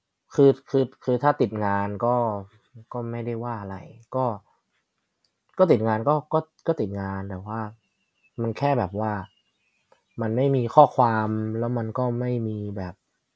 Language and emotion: Thai, frustrated